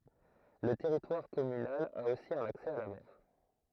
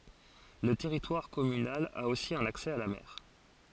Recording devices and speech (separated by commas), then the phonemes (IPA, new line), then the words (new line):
throat microphone, forehead accelerometer, read sentence
lə tɛʁitwaʁ kɔmynal a osi œ̃n aksɛ a la mɛʁ
Le territoire communal a aussi un accès à la mer.